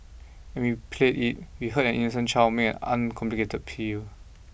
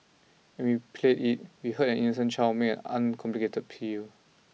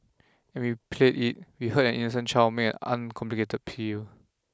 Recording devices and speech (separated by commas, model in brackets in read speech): boundary microphone (BM630), mobile phone (iPhone 6), close-talking microphone (WH20), read sentence